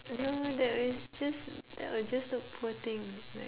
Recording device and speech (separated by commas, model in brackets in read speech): telephone, conversation in separate rooms